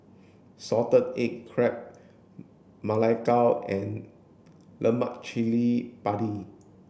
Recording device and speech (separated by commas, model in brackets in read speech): boundary microphone (BM630), read sentence